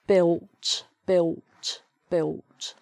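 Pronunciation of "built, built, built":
'Built' is said in a Cockney accent, with a w sound where the L would be.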